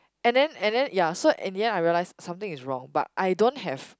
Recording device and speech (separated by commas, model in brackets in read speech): close-talking microphone, conversation in the same room